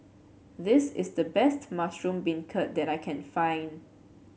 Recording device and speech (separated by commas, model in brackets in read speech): mobile phone (Samsung C7), read sentence